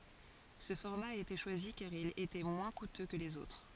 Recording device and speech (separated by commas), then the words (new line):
forehead accelerometer, read sentence
Ce format a été choisi car il était moins coûteux que les autres.